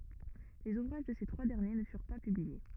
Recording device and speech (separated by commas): rigid in-ear microphone, read sentence